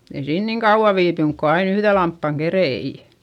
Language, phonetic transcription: Finnish, ei siin niŋ kauᵛa viipyŋk ko ain ‿yhδe lamppaŋ kerei .
- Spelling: ei siinä niin kauan viipynyt kun aina yhden lampaan keritsi

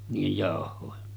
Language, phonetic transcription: Finnish, niijej 'jàoh̆hòe .
- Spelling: niiden jauhojen

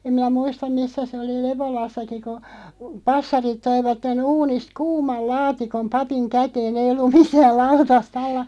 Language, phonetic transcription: Finnish, 'em miⁿä "muistam 'missä 'se oli "Leβolassaki ku , 'passarit 'toivatte'n ‿uunist "kuumal 'laatikom 'papiŋ "kätee'n ‿eiʲ ‿ollum "mitääˡ 'lautast ‿alla ,.
- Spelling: en minä muista missä se oli Lepolassakin kun passarit toivat uunista kuuman laatikon papin käteen ei ollut mitään lautasta alla

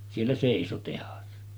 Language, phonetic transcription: Finnish, siellä 'sèiso tehas .
- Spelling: siellä seisoi tehdas

